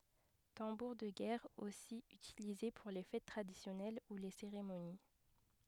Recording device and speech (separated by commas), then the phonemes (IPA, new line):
headset microphone, read sentence
tɑ̃buʁ də ɡɛʁ osi ytilize puʁ le fɛt tʁadisjɔnɛl u le seʁemoni